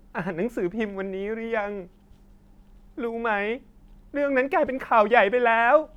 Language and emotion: Thai, sad